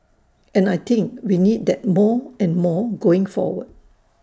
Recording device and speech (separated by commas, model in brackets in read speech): standing microphone (AKG C214), read sentence